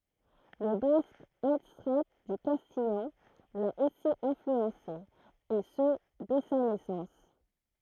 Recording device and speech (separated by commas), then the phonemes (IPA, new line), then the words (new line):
throat microphone, read sentence
lə bask adstʁa dy kastijɑ̃ la osi ɛ̃flyɑ̃se e sə dɛ sa nɛsɑ̃s
Le basque, adstrat du castillan, l'a aussi influencé, et ce dès sa naissance.